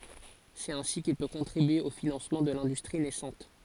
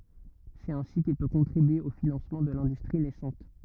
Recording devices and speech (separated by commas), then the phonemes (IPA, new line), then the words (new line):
forehead accelerometer, rigid in-ear microphone, read sentence
sɛt ɛ̃si kil pø kɔ̃tʁibye o finɑ̃smɑ̃ də lɛ̃dystʁi nɛsɑ̃t
C'est ainsi qu'il peut contribuer au financement de l'industrie naissante.